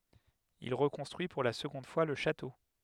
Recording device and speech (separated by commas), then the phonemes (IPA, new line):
headset microphone, read sentence
il ʁəkɔ̃stʁyi puʁ la səɡɔ̃d fwa lə ʃato